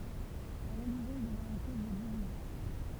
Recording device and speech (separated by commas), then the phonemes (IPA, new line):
temple vibration pickup, read sentence
la ʁəliʒjɔ̃ dəvjɛ̃ yn koz də divizjɔ̃